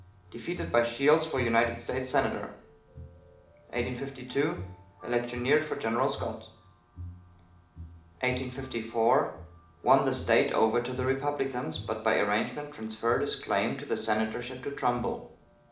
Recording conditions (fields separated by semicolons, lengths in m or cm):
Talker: one person; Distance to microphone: 2.0 m; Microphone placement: close; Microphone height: 99 cm; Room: medium-sized (5.7 m by 4.0 m); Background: music